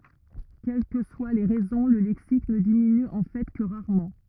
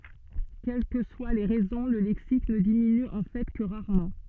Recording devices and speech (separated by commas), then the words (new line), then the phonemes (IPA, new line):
rigid in-ear microphone, soft in-ear microphone, read sentence
Quelles que soient les raisons, le lexique ne diminue en fait que rarement.
kɛl kə swa le ʁɛzɔ̃ lə lɛksik nə diminy ɑ̃ fɛ kə ʁaʁmɑ̃